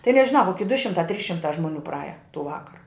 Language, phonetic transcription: Lithuanian, tai nežiˈnau koˈki du šimˈtā trys šimˈtā žmoˈnių praˈaja tų ˈvakara

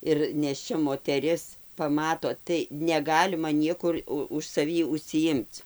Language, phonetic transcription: Lithuanian, ir nėšˈčia moteˈris paˈmato tai neˈgalima ˈniekur ˈu už saˈvį užsiˈjimc

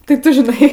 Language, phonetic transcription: Lithuanian, ti ˈtu žiˈnai

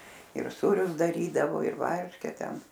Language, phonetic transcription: Lithuanian, ir ˈsūrius daˈrydavo ir ˈvarške ˈten

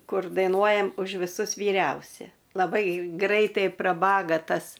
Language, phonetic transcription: Lithuanian, ˈkur dainuojam už viˈsus vyˈriausia laˈbai ˈgraitai praˈbaga ˈtas

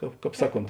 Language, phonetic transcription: Lithuanian, ˈkāp ˈkāp ˈsaˌkont

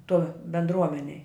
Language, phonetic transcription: Lithuanian, toj bendˈruomenej

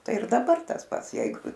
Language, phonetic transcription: Lithuanian, ˈtai ir daˈbar tas ˈpats ˈjeigu

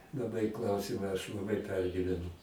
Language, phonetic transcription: Lithuanian, laˈbai ˈklausyma aš laˈbai ˈpergyvenu

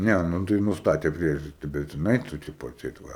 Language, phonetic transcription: Lithuanian, ˈne nu ˈtai nusˈtatė ˈpriežasti ˈbet jiˈnai tu ˈtipo atˈseit ˈva

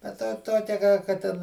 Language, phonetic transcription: Lithuanian, bet ˈtą ˈtokia ką ka ˈten

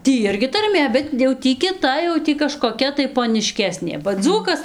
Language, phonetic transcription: Lithuanian, ˈtį ˈirgi tarˈmė bet jau ˈtį kiˈta jau ˈtį kažkoˈkia tai poniˈškesnė ba ˈdzūkas

